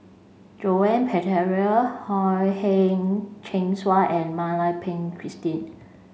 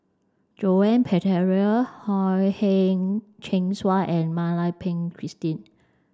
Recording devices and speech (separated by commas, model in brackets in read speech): mobile phone (Samsung C5), standing microphone (AKG C214), read sentence